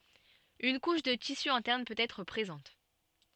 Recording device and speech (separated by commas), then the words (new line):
soft in-ear microphone, read sentence
Une couche de tissu interne peut être présente.